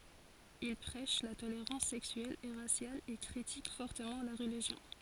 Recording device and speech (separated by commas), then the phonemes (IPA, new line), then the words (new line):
forehead accelerometer, read sentence
il pʁɛʃ la toleʁɑ̃s sɛksyɛl e ʁasjal e kʁitik fɔʁtəmɑ̃ la ʁəliʒjɔ̃
Ils prêchent la tolérance sexuelle et raciale et critiquent fortement la religion.